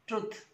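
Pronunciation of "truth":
'Truth' is pronounced incorrectly here: the vowel is short instead of the long ooh sound.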